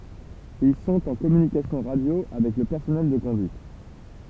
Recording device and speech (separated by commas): temple vibration pickup, read sentence